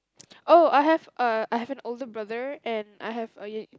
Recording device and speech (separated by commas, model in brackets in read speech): close-talking microphone, conversation in the same room